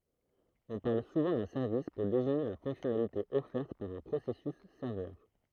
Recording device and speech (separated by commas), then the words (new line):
throat microphone, read sentence
On parle souvent d'un service pour désigner la fonctionnalité offerte par un processus serveur.